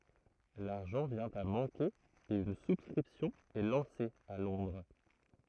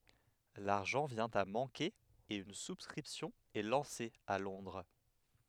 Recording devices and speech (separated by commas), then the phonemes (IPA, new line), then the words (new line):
throat microphone, headset microphone, read sentence
laʁʒɑ̃ vjɛ̃ a mɑ̃ke e yn suskʁipsjɔ̃ ɛ lɑ̃se a lɔ̃dʁ
L'argent vient à manquer et une souscription est lancée à Londres.